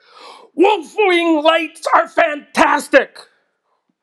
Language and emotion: English, sad